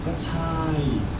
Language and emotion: Thai, frustrated